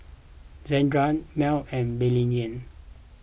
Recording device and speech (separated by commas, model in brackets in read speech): boundary microphone (BM630), read sentence